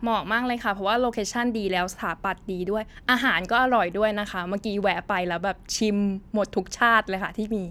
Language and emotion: Thai, happy